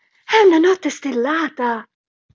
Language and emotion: Italian, surprised